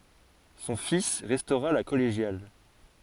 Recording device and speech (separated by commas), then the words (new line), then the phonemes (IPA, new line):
forehead accelerometer, read sentence
Son fils restaura la collégiale.
sɔ̃ fis ʁɛstoʁa la kɔleʒjal